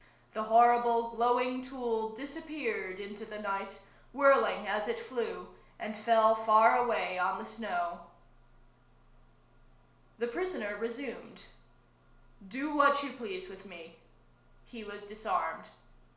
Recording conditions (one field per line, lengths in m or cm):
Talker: one person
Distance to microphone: 1.0 m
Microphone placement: close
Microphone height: 1.1 m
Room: small (3.7 m by 2.7 m)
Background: none